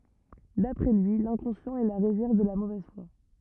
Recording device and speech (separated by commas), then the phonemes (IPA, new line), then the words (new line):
rigid in-ear microphone, read sentence
dapʁɛ lyi lɛ̃kɔ̃sjɑ̃t ɛ la ʁezɛʁv də la movɛz fwa
D'après lui, l’inconscient est la réserve de la mauvaise foi.